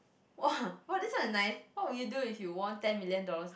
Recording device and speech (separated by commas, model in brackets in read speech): boundary microphone, conversation in the same room